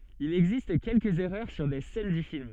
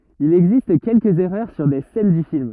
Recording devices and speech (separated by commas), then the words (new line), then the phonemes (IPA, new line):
soft in-ear microphone, rigid in-ear microphone, read sentence
Il existe quelques erreurs sur des scènes du film.
il ɛɡzist kɛlkəz ɛʁœʁ syʁ de sɛn dy film